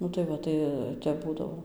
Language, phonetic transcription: Lithuanian, ˈnu tai ˈva ˈtai ˈtep ˈbūdavo

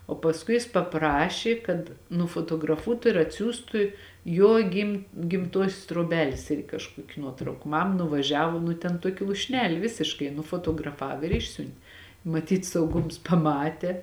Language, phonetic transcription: Lithuanian, o pasˈkui jis paˈprašė kad nufotograˈfuotu ir atˈsiųstu ˈjo gim gimˈtuosios truoˈbelės ˈirgi kažˈkuoki ˈnuotrauka ˈmam nuvaˈžiavo ˈnu ten ˈtuokia lūšˈneli ˈvisiškai nufotograˈfav ir ˈišsiunt' maˈtyt sauˈgums paˈmatė

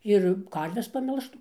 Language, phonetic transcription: Lithuanian, ˈir ˈkarves paˈmelžtų

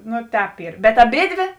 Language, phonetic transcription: Lithuanian, ˈnu ˈtēp ˈyr bet aˈbėdvė

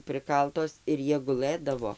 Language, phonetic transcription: Lithuanian, ˈprɨkaltos ir ˈjie guˈlɘdavo

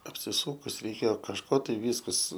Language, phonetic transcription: Lithuanian, apsiˈsūkus reiˈkėjo kažˈko ˈtai ˈvyskas

